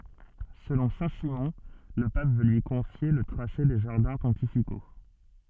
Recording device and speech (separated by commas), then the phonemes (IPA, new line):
soft in-ear microphone, read sentence
səlɔ̃ sɛ̃tsimɔ̃ lə pap vø lyi kɔ̃fje lə tʁase de ʒaʁdɛ̃ pɔ̃tifiko